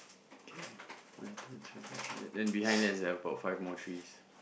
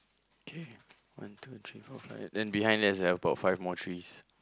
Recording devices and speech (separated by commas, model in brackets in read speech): boundary microphone, close-talking microphone, conversation in the same room